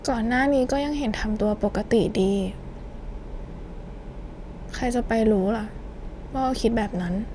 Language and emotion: Thai, sad